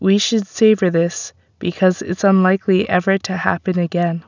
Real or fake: real